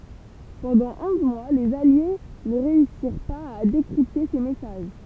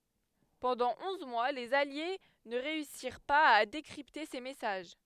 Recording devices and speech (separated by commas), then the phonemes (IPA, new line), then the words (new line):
temple vibration pickup, headset microphone, read sentence
pɑ̃dɑ̃ ɔ̃z mwa lez alje nə ʁeysiʁ paz a dekʁipte se mɛsaʒ
Pendant onze mois, les alliés ne réussirent pas à décrypter ces messages.